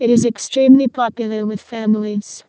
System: VC, vocoder